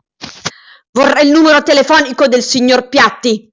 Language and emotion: Italian, angry